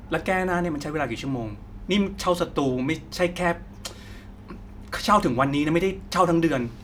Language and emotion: Thai, frustrated